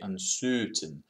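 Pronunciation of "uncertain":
In 'uncertain', the er sound is said the way a Russian accent says it.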